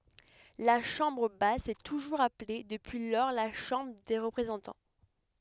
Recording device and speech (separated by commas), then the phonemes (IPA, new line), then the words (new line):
headset microphone, read sentence
la ʃɑ̃bʁ bas sɛ tuʒuʁz aple dəpyi lɔʁ la ʃɑ̃bʁ de ʁəpʁezɑ̃tɑ̃
La chambre basse s'est toujours appelée depuis lors la Chambre des représentants.